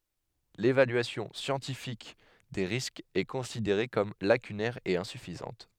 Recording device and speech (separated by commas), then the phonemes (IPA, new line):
headset microphone, read sentence
levalyasjɔ̃ sjɑ̃tifik de ʁiskz ɛ kɔ̃sideʁe kɔm lakynɛʁ e ɛ̃syfizɑ̃t